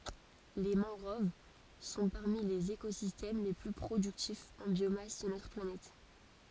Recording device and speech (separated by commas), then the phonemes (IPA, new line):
forehead accelerometer, read sentence
le mɑ̃ɡʁov sɔ̃ paʁmi lez ekozistɛm le ply pʁodyktifz ɑ̃ bjomas də notʁ planɛt